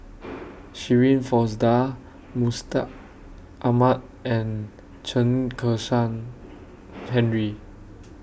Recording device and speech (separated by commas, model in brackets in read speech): boundary microphone (BM630), read sentence